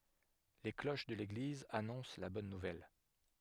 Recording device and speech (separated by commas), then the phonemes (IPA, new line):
headset microphone, read sentence
le kloʃ də leɡliz anɔ̃s la bɔn nuvɛl